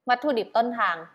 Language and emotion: Thai, neutral